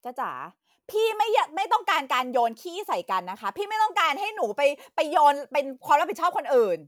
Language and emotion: Thai, angry